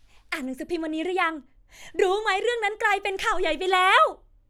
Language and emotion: Thai, happy